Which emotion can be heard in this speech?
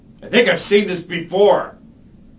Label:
angry